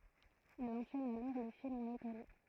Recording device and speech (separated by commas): throat microphone, read sentence